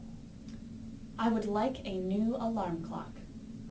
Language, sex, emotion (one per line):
English
female
neutral